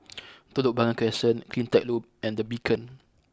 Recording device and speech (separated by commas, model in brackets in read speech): close-talking microphone (WH20), read sentence